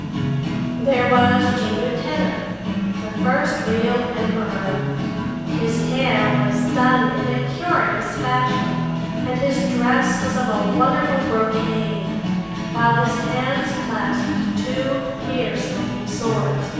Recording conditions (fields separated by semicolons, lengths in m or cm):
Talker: one person; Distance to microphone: 7.1 m; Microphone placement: far; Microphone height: 1.7 m; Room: very reverberant, large; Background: music